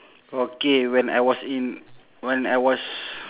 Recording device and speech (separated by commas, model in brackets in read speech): telephone, conversation in separate rooms